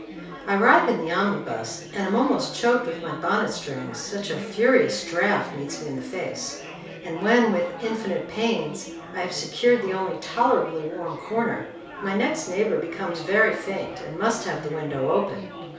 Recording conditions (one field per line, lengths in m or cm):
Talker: one person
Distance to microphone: 3.0 m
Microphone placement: far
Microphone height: 1.8 m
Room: small (3.7 m by 2.7 m)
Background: babble